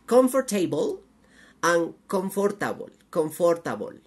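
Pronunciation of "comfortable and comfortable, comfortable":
'Comfortable' is pronounced incorrectly here.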